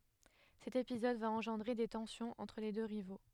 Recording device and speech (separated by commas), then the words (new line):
headset microphone, read sentence
Cet épisode va engendrer des tensions entre les deux rivaux.